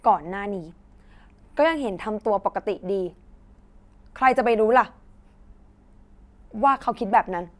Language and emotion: Thai, angry